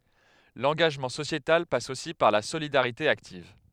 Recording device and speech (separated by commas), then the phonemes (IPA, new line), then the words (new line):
headset microphone, read sentence
lɑ̃ɡaʒmɑ̃ sosjetal pas osi paʁ la solidaʁite aktiv
L'engagement sociétal passe aussi par la solidarité active.